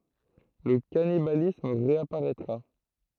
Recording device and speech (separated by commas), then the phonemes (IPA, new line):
throat microphone, read sentence
lə kanibalism ʁeapaʁɛtʁa